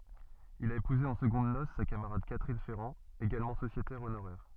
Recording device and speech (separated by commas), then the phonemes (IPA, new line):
soft in-ear microphone, read sentence
il a epuze ɑ̃ səɡɔ̃d nos sa kamaʁad katʁin fɛʁɑ̃ eɡalmɑ̃ sosjetɛʁ onoʁɛʁ